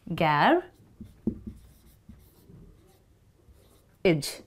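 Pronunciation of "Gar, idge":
'Garage' is pronounced the British way, with the ending said as 'idge', the same as the end of 'marriage'.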